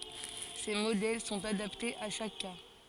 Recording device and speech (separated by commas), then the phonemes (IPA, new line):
forehead accelerometer, read sentence
se modɛl sɔ̃t adaptez a ʃak ka